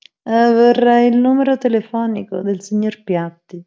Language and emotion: Italian, disgusted